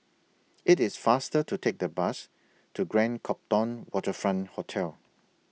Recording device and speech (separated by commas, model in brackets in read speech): mobile phone (iPhone 6), read sentence